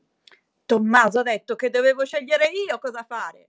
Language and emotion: Italian, angry